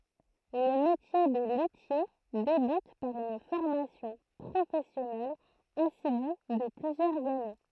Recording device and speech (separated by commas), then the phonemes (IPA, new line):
throat microphone, read sentence
lə metje də lytje debyt paʁ yn fɔʁmasjɔ̃ pʁofɛsjɔnɛl asidy də plyzjœʁz ane